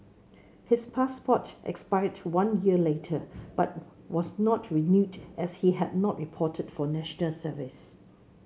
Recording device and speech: mobile phone (Samsung C7), read sentence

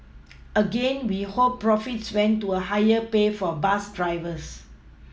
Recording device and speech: mobile phone (iPhone 6), read sentence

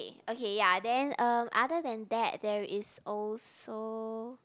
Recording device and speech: close-talking microphone, conversation in the same room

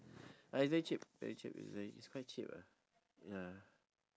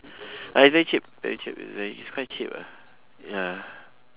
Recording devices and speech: standing microphone, telephone, conversation in separate rooms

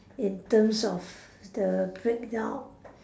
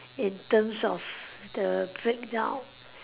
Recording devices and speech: standing microphone, telephone, conversation in separate rooms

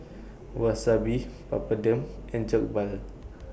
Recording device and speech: boundary microphone (BM630), read sentence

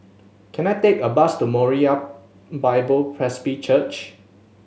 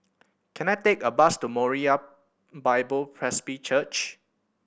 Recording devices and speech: mobile phone (Samsung S8), boundary microphone (BM630), read sentence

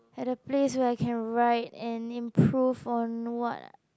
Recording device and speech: close-talking microphone, conversation in the same room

